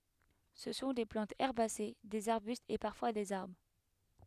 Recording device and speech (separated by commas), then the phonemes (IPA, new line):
headset microphone, read sentence
sə sɔ̃ de plɑ̃tz ɛʁbase dez aʁbystz e paʁfwa dez aʁbʁ